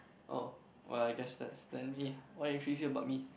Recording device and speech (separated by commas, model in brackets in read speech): boundary microphone, conversation in the same room